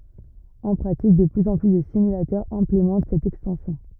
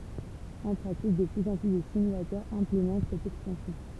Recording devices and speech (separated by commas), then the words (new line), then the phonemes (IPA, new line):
rigid in-ear microphone, temple vibration pickup, read sentence
En pratique, de plus en plus de simulateurs implémentent cette extension.
ɑ̃ pʁatik də plyz ɑ̃ ply də simylatœʁz ɛ̃plemɑ̃t sɛt ɛkstɑ̃sjɔ̃